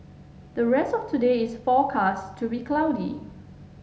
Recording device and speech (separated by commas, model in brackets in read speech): mobile phone (Samsung S8), read sentence